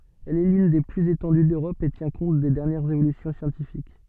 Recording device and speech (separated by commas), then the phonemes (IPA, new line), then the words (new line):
soft in-ear microphone, read sentence
ɛl ɛ lyn de plyz etɑ̃dy døʁɔp e tjɛ̃ kɔ̃t de dɛʁnjɛʁz evolysjɔ̃ sjɑ̃tifik
Elle est l'une des plus étendues d'Europe et tient compte des dernières évolutions scientifiques.